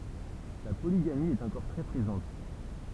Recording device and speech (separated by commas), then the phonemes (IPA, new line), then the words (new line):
temple vibration pickup, read sentence
la poliɡami ɛt ɑ̃kɔʁ tʁɛ pʁezɑ̃t
La polygamie est encore très présente.